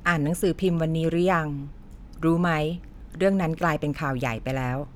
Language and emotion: Thai, neutral